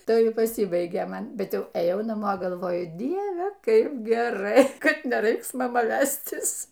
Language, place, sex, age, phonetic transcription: Lithuanian, Aukštaitija, female, 60+, ˈtai paˈsybaigė ˈman ˈbet ˈjau eˈjau naˈmo galˈvoju ˈdieve ˈkaip geˈrai ˈkad neˈraiks maˈma ˈvæstis

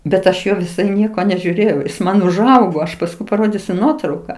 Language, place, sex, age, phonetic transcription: Lithuanian, Aukštaitija, female, 60+, bet ˈaš ˈjo viˈsai ˈnieko nežiūˈrėjau ˈjis ˈman užˈaugo ˈaš pasˈkui paˈrodysiu ˈnuotrauka

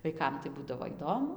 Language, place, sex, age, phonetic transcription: Lithuanian, Dzūkija, female, 18-60, vaiˈkam tai ˈbūdavo ˈįdomu

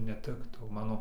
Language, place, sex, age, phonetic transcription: Lithuanian, Dzūkija, male, 18-60, neˈtiktau ˈmano

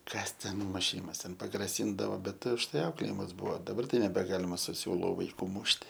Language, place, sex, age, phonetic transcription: Lithuanian, Aukštaitija, male, 18-60, ˈkas ten muˈšymas ten pagraˈsyndavo ˈbet užˈtai ˈauklėjimas ˈbuvo daˈbar ˈtai nebeˈgalima su ˈsiūlu vaiˈkų ˈmušti

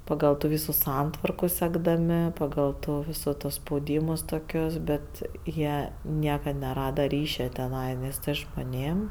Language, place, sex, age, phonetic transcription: Lithuanian, Aukštaitija, female, 18-60, paˈgal tų ˈvysų ˈsantvarku sekdaˈmi paˈgal tų ˈvysu to spauˈdymus toˈkius ˈbet ˈjie ˈniekad neˈrada ˈryšia teˈnai ˈnes žmoˈnėm

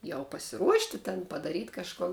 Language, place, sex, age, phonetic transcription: Lithuanian, Žemaitija, female, 18-60, jau pasiˈruošti ten padaˈryt' kažˈkun

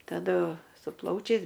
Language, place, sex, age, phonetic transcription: Lithuanian, Aukštaitija, female, 60+, taˈdu su ˈplaučiais

